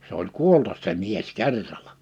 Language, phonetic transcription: Finnish, 'se ‿oĺ "kuoltas se 'mies "kerralᴀ .
- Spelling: se oli kuolla se mies kerralla

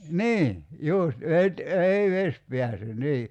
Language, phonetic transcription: Finnish, "nii , 'jùst , 'vet- , 'ei "ves pḙäse 'nii .
- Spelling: niin just - ei vesi pääse niin

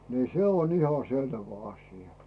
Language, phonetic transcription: Finnish, 'nì 'se on iha 'selvä 'aśⁱja .
- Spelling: niin se on ihan selvä asia

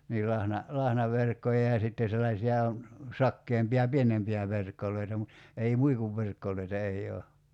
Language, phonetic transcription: Finnish, niil 'lahna- , 'lahnaverkkoja ja 'sitte sellaiśi₍a , 'sakkeempi₍a "pienempi₍ä 'verkkol̀oita mut , ei "muikuvverkkol̀oita 'ei 'oo .
- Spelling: niin - lahnaverkkoja ja sitten sellaisia sakeampia pienempiä verkkoja mutta ei muikunverkkoja ei ole

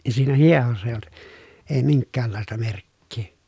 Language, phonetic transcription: Finnish, ja siinä hiehossa èⁱj ‿olt , ee miŋkkäällàesta merkkii .
- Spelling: ja siinä hiehossa ei ollut ei minkäänlaista merkkiä

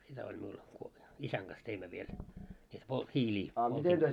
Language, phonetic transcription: Finnish, sitä oĺ miul , 'isäŋ ɢas teimmö 'viel , sit polt- 'hiiĺii , poltimmo .
- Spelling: sitä oli minulla isän kanssa teimme vielä sitten - hiiliä poltimme

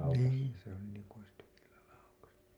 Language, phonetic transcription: Finnish, 'niin , se ‿oli niiŋku ois tykilla laukassu .
- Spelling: niin se oli niin kuin olisi tykillä laukaissut

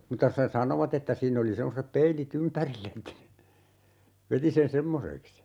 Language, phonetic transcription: Finnish, 'mutta se "sanovat ‿että 'siin ‿oli 'semmose"p peili't ‿ympärill ‿että , 'veti sen "semmoseks(i) .
- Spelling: mutta se sanoivat että siinä oli semmoiset peilit ympärillä että veti sen semmoiseksi

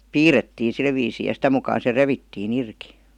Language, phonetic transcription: Finnish, piirettiin̬ 'sil viisii ja 'sitä mukaan̬ se "revittii'n ‿irki .
- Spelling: piirrettiin sillä viisiin ja sitä mukaan se revittiin irti

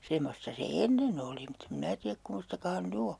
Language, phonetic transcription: Finnish, 'semmosta se "ennen ‿oli mutt ‿em 'minä tiäk 'kummostaka han "ny o .
- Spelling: semmoista se ennen oli mutta en minä tiedä kummoista hän nyt on

